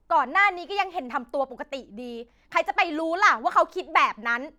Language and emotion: Thai, angry